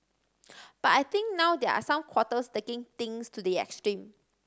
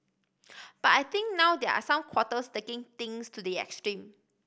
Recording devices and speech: standing microphone (AKG C214), boundary microphone (BM630), read sentence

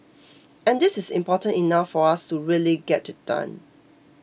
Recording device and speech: boundary microphone (BM630), read sentence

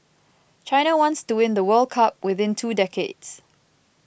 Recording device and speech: boundary microphone (BM630), read sentence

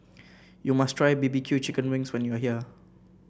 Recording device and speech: boundary microphone (BM630), read sentence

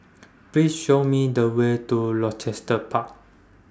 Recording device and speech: standing microphone (AKG C214), read sentence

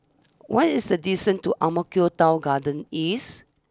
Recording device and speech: standing microphone (AKG C214), read sentence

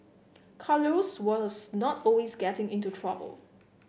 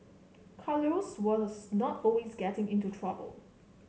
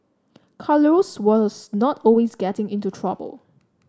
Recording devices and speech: boundary microphone (BM630), mobile phone (Samsung C7), standing microphone (AKG C214), read sentence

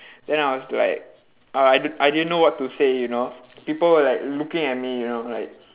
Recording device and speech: telephone, conversation in separate rooms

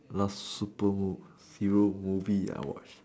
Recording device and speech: standing microphone, conversation in separate rooms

